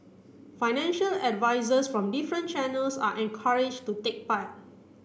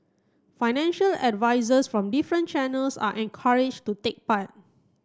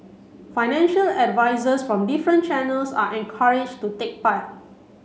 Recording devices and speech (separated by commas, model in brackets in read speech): boundary microphone (BM630), close-talking microphone (WH30), mobile phone (Samsung C7), read sentence